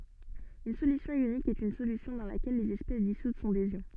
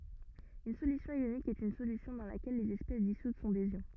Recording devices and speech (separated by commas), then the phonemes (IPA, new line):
soft in-ear microphone, rigid in-ear microphone, read sentence
yn solysjɔ̃ jonik ɛt yn solysjɔ̃ dɑ̃ lakɛl lez ɛspɛs disut sɔ̃ dez jɔ̃